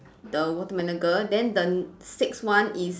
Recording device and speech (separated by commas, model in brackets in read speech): standing microphone, conversation in separate rooms